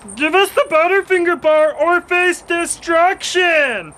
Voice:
goofy alien voice